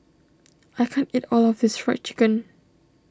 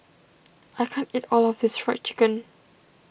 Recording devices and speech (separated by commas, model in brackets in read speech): standing microphone (AKG C214), boundary microphone (BM630), read sentence